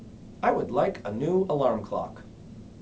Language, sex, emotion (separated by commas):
English, male, neutral